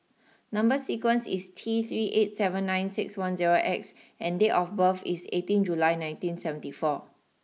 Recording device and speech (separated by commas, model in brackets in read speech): mobile phone (iPhone 6), read sentence